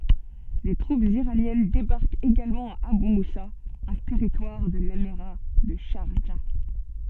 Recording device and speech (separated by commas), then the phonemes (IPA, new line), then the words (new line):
soft in-ear microphone, read sentence
de tʁupz iʁanjɛn debaʁkt eɡalmɑ̃ a aby musa œ̃ tɛʁitwaʁ də lemiʁa də ʃaʁʒa
Des troupes iraniennes débarquent également à Abu Moussa, un territoire de l'émirat de Charjah.